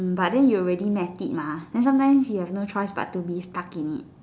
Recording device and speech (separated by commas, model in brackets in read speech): standing microphone, conversation in separate rooms